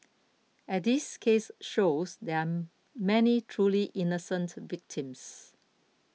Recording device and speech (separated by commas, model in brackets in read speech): mobile phone (iPhone 6), read sentence